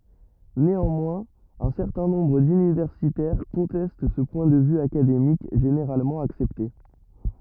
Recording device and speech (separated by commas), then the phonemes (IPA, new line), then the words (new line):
rigid in-ear microphone, read sentence
neɑ̃mwɛ̃z œ̃ sɛʁtɛ̃ nɔ̃bʁ dynivɛʁsitɛʁ kɔ̃tɛst sə pwɛ̃ də vy akademik ʒeneʁalmɑ̃ aksɛpte
Néanmoins, un certain nombre d'universitaires conteste ce point de vue académique généralement accepté.